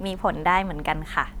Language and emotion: Thai, neutral